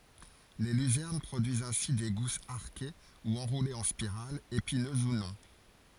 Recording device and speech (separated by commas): forehead accelerometer, read sentence